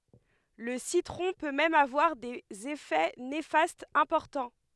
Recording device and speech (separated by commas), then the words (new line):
headset microphone, read sentence
Le citron peut même avoir des effets néfastes importants.